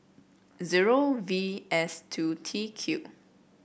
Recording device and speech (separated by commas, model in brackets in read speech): boundary microphone (BM630), read sentence